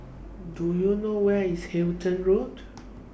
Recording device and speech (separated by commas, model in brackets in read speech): boundary microphone (BM630), read sentence